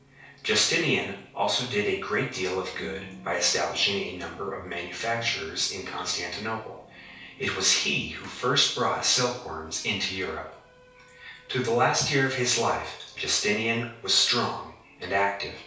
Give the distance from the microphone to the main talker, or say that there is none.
3.0 m.